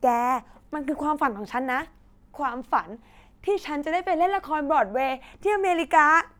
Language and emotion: Thai, happy